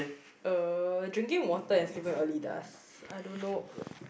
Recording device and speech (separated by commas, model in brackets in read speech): boundary microphone, conversation in the same room